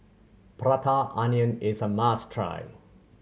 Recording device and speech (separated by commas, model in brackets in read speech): mobile phone (Samsung C7100), read sentence